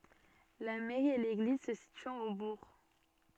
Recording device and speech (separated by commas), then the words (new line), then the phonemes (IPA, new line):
soft in-ear microphone, read sentence
La mairie et l’église se situant au Bourg.
la mɛʁi e leɡliz sə sityɑ̃t o buʁ